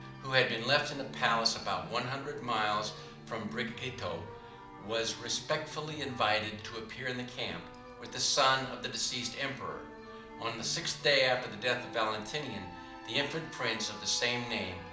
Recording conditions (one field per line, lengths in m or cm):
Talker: one person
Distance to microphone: 2.0 m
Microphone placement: close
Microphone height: 99 cm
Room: medium-sized (5.7 m by 4.0 m)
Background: music